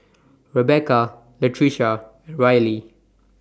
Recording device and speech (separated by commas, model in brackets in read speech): standing microphone (AKG C214), read sentence